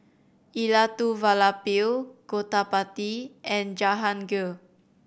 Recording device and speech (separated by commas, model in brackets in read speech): boundary microphone (BM630), read sentence